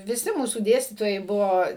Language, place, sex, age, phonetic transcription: Lithuanian, Suvalkija, female, 60+, viˈsi ˈmūsų ˈdėstytojai ˈbuvo

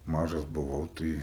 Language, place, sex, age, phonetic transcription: Lithuanian, Aukštaitija, male, 18-60, ˈmažas buˈvau ˈtɨi

